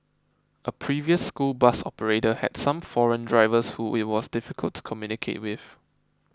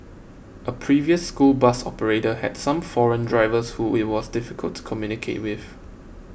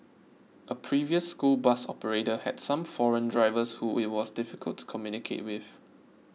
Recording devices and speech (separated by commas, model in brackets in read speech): close-talking microphone (WH20), boundary microphone (BM630), mobile phone (iPhone 6), read sentence